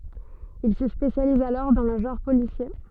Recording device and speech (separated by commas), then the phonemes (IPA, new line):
soft in-ear microphone, read sentence
il sə spesjaliz alɔʁ dɑ̃ lə ʒɑ̃ʁ polisje